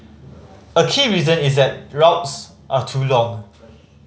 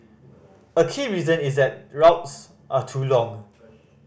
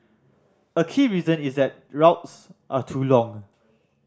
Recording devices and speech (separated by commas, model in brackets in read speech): mobile phone (Samsung C5010), boundary microphone (BM630), standing microphone (AKG C214), read sentence